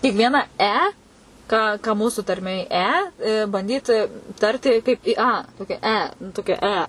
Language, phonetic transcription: Lithuanian, tik ˈviena ˈe ˈką ˈką ka ˈmūsu tarˈmėj ˈe banˈdyt ˈtarti kaip ˈi ˈa ˈtokia ˈe nu ˈtokia ˈe

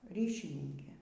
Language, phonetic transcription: Lithuanian, ˈryšininkė

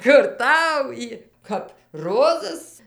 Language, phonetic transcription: Lithuanian, kur ˈtau ˈjy kap ˈrozas

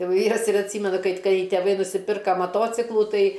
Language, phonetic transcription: Lithuanian, ˈjau ˈvyras ir atˈsymenu ˈkaip ˈkai teˈvai nusiˈpirka maˈtociklų ˈtai

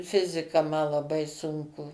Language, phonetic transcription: Lithuanian, ˈfizika ma laˈbai ˈsunku

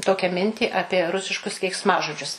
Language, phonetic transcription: Lithuanian, ˈtokią ˈmintį ˈapie ˈrusiškus keiksˈmažodžius

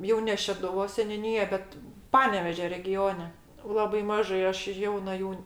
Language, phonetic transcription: Lithuanian, ˈjau ne šeduˈvos seniuˈnyja ˈbet ˈpanevėžio reˈgione ˈlabai ˈmažai ˈaš ˈjauna ˈjų

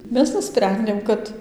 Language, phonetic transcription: Lithuanian, ˈmes nuˈsprendėm ˈkad

